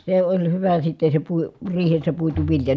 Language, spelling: Finnish, se oli hyvä sitten se - riihessä puitu vilja
- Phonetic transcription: se oĺ hyvä sitte se pui- , riihessä puitu vilja .

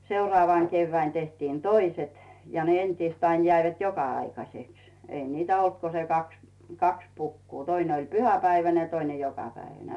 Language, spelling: Finnish, seuraavana keväänä tehtiin toiset ja ne entiset aina jäivät joka-aikaiseksi ei niitä ollut kuin se kaksi kaksi pukua toinen oli pyhäpäiväinen ja toinen jokapäiväinen
- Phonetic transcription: 'seurᵒàvàŋ 'keyvväin tehtiin "toiset , ja ne 'entiist ain jäivät "joka₍'aikaseks , 'ei 'niitä olt ko se 'kaks , "kaks 'pukkuu , 'töine oĺ "pyhäpäiväne ja 'toine "jokapäiväne .

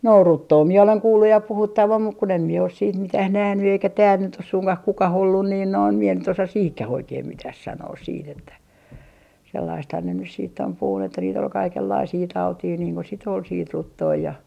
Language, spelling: Finnish, no ruttoa minä olen kuullut ja puhuttavan mutta kun en minä ole sitten mitään nähnyt eikä täällä nyt ole suinkaan kukaan ollut niin noin minä nyt osaa siihenkään oikein mitään sanoa sitten että sellaistahan ne nyt sitten on puhunut että niitä oli kaikenlaisia tauteja niin kun sitten oli sitten ruttoa ja
- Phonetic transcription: no "ruttoo mie oleŋ 'kuulluj ja 'puhuttavam muk kun ‿em mie os siit 'mitäh 'nähny eikä tääl nyt ‿os 'suŋkah 'kukah ollun niin noin , mie nyt osa 'siihkä'h ‿oikeim 'mitäh 'sanoos siit ‿että , sellaisthan ne nys siitt ‿om puhun ‿että niit ‿ol 'kaikellaisii "tautii niiŋ ko sit ‿ol siit 'ruttoo ja ,.

